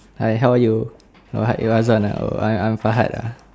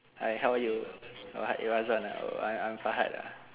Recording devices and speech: standing microphone, telephone, conversation in separate rooms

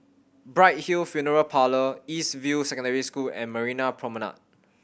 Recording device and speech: boundary microphone (BM630), read sentence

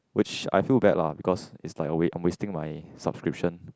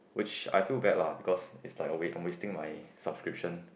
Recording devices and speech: close-talking microphone, boundary microphone, conversation in the same room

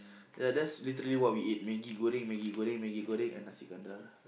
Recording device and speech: boundary microphone, conversation in the same room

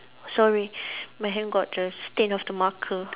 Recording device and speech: telephone, conversation in separate rooms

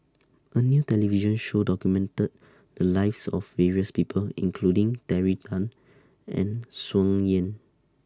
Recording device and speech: standing microphone (AKG C214), read sentence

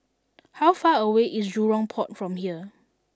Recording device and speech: standing microphone (AKG C214), read sentence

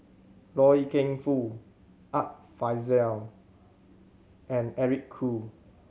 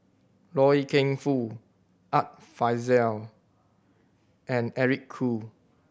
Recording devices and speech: mobile phone (Samsung C7100), boundary microphone (BM630), read sentence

